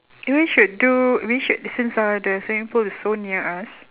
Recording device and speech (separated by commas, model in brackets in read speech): telephone, conversation in separate rooms